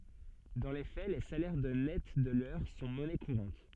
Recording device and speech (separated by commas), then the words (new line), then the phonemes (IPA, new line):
soft in-ear microphone, read sentence
Dans les faits, les salaires de nets de l'heure sont monnaie courante.
dɑ̃ le fɛ le salɛʁ də nɛt də lœʁ sɔ̃ mɔnɛ kuʁɑ̃t